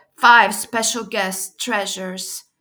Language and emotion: English, neutral